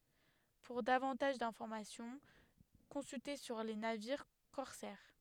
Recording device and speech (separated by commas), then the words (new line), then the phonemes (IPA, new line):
headset microphone, read sentence
Pour davantage d'informations, consulter sur les navires corsaires.
puʁ davɑ̃taʒ dɛ̃fɔʁmasjɔ̃ kɔ̃sylte syʁ le naviʁ kɔʁsɛʁ